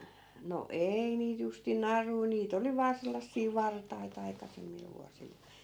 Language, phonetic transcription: Finnish, no "ei niit justin "narui 'niit ‿oli vaa 'sellassii "vartai't ‿aikasemmil vuasil .
- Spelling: no ei niitä justiin naruja niitä oli vain sellaisia vartaita aikaisemmilla vuosilla

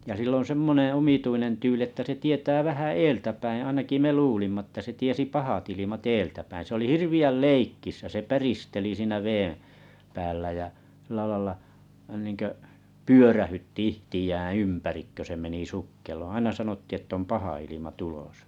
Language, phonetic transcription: Finnish, ja sil ‿on̬ 'semmoneḛ omituinen 'tyyli että se tietää 'vähä "eeltäpäiḭ ainaki 'me 'luulimma ᵊttä se 'tiesi "pahat ilimat 'eeltäpäiⁱ̰ se oli 'hirvi₍äl "leikkisä se 'päristeli siinä päällä jä , sillä laⁱla , nìŋkö’ , "pyörähytti 'ihtijäᵃ̰̈ 'ympärik kö se meni 'sukkeloᵒ̰ 'aina sanotti ‿ett ‿om 'paha ilima 'tulosᴀ .
- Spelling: ja sillä on semmoinen omituinen tyyli että se tietää vähän edeltäpäin ainakin me luulimme että se tiesi pahat ilmat edeltäpäin se oli hirveän leikkisä se päristeli siinä päällä ja sillä lailla niin kuin pyörähdytti itseään ympäri kun se meni sukkeloon aina sanottiin että on paha ilma tulossa

